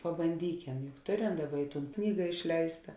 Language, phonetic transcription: Lithuanian, pabanˈdykem juk ˈtoˌrem ˈdaˌba i ˈtūn ˈknyga išˈleista

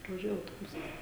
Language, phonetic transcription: Lithuanian, pravaˈžiuoja autoˈbusas

